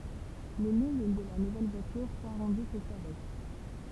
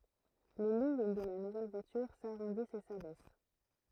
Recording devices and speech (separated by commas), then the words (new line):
temple vibration pickup, throat microphone, read sentence
Les lignes de la nouvelle voiture s'arrondissent et s'abaissent.